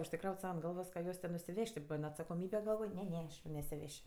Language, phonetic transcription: Lithuanian, užsiˈkraut' ˈsau ant ˈgalvos ka ˈjuos ten nusiˈvež't' ti ˈban atsakoˈmybe galˈvoj ˈne ˈne nesiˈveš'

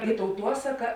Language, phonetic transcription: Lithuanian, i tauˈtuosaka

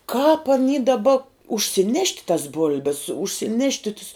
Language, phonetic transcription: Lithuanian, kāp aˈny daˈba užsiˈnešt' tas ˈbul'bes užsiˈnešti tus

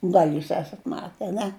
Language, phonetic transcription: Lithuanian, ˈgal' ˈjūs ˈesat ˈmate aˈne

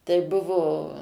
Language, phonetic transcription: Lithuanian, tai ˈbuvo

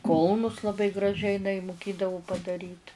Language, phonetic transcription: Lithuanian, ˈkulnus laˈbai graˈžiai iˈnai muˈkėdavo padaˈryt

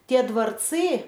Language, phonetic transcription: Lithuanian, tie dvarˈcɨ

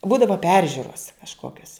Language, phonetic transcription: Lithuanian, ˈbūdava ˈperžiuros kažˈkokios

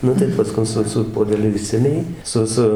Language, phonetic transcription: Lithuanian, ˈnu tai paˈskun ˈsu su puodeˈliu ˈišsemia jį ˈsu ˈsu

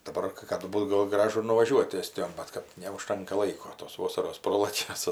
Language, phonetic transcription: Lithuanian, daˈbar kɜ ˈkadu ˈbūt ˈgol ˈgražu ir nuvaˈžiuot ˈestijon ˈbat kad neuˈžtanka ˈlaiko tos ˈvosaros ˈprolakia ˈsu

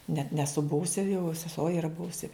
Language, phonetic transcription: Lithuanian, net neˈsu ˈbuvusi jau seˈsuo iˈra ˈbuvusi

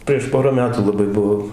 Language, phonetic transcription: Lithuanian, prieš ˈpora ˈmetų laˈbai ˈbuvo

